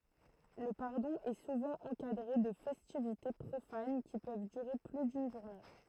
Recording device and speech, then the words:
throat microphone, read sentence
Le pardon est souvent encadré de festivités profanes qui peuvent durer plus d'une journée.

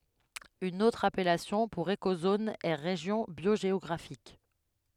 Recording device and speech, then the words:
headset microphone, read sentence
Une autre appellation pour écozone est région biogéographique.

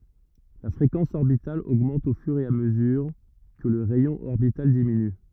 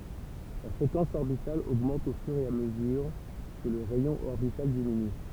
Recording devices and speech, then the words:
rigid in-ear microphone, temple vibration pickup, read sentence
La fréquence orbitale augmente au fur et à mesure que le rayon orbital diminue.

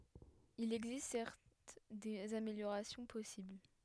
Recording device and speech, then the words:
headset microphone, read sentence
Il existe certes des améliorations possibles.

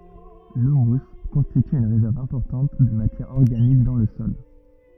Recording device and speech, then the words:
rigid in-ear microphone, read sentence
L'humus constitue une réserve importante de matière organique dans le sol.

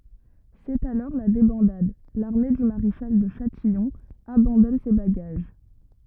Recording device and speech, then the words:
rigid in-ear microphone, read sentence
C'est alors la débandade, l'armée du maréchal de Châtillon abandonne ses bagages.

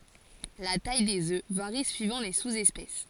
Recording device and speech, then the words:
forehead accelerometer, read sentence
La taille des œufs varie suivant les sous-espèces.

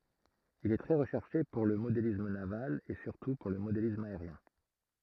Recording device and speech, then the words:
throat microphone, read sentence
Il est très recherché pour le modélisme naval et surtout pour le modélisme aérien.

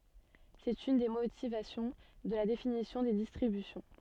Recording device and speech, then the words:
soft in-ear microphone, read sentence
C'est une des motivations de la définition des distributions.

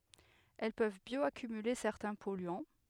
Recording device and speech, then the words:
headset microphone, read sentence
Elles peuvent bioaccumuler certains polluants.

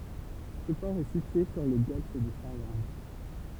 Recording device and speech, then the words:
temple vibration pickup, read sentence
Ce port est situé sur le Golfe de Finlande.

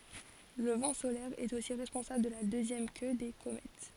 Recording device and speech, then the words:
forehead accelerometer, read sentence
Le vent solaire est aussi responsable de la deuxième queue des comètes.

